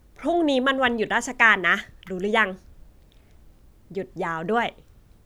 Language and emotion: Thai, neutral